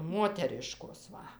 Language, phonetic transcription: Lithuanian, ˈmoteriškos ˈva

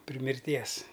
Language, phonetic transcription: Lithuanian, pri mirˈties

